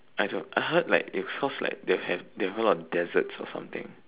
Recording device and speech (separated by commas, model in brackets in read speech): telephone, conversation in separate rooms